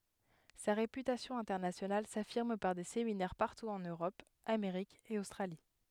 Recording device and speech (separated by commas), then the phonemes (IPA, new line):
headset microphone, read sentence
sa ʁepytasjɔ̃ ɛ̃tɛʁnasjonal safiʁm paʁ de seminɛʁ paʁtu ɑ̃n øʁɔp ameʁik e ostʁali